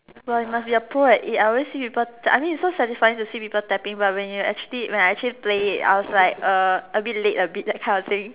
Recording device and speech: telephone, conversation in separate rooms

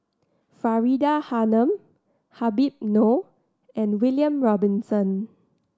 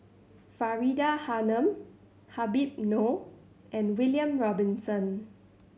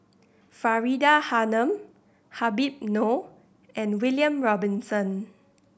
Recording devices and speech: standing microphone (AKG C214), mobile phone (Samsung C7100), boundary microphone (BM630), read sentence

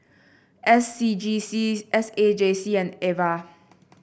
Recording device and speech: boundary microphone (BM630), read sentence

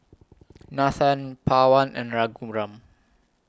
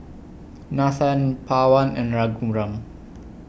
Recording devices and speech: close-talking microphone (WH20), boundary microphone (BM630), read sentence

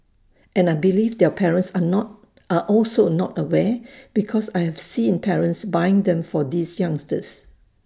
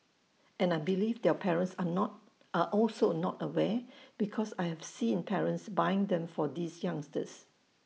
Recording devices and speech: standing microphone (AKG C214), mobile phone (iPhone 6), read sentence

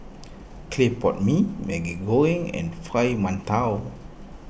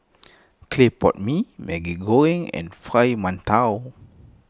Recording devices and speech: boundary microphone (BM630), close-talking microphone (WH20), read sentence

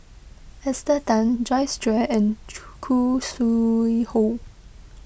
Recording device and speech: boundary microphone (BM630), read sentence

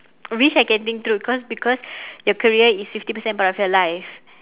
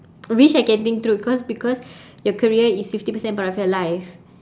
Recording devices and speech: telephone, standing microphone, conversation in separate rooms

